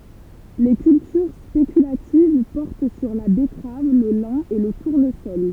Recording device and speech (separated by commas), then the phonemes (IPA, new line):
temple vibration pickup, read sentence
le kyltyʁ spekylativ pɔʁt syʁ la bɛtʁav lə lɛ̃ e lə tuʁnəsɔl